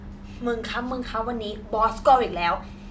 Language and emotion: Thai, frustrated